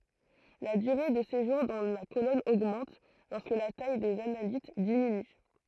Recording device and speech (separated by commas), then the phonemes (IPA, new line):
throat microphone, read sentence
la dyʁe də seʒuʁ dɑ̃ la kolɔn oɡmɑ̃t lɔʁskə la taj dez analit diminy